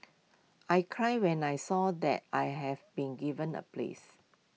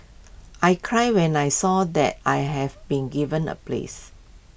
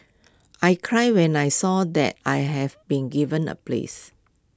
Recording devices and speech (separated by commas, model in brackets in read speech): mobile phone (iPhone 6), boundary microphone (BM630), close-talking microphone (WH20), read sentence